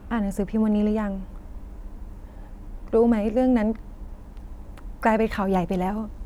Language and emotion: Thai, sad